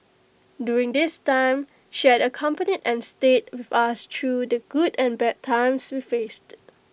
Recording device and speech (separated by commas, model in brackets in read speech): boundary microphone (BM630), read sentence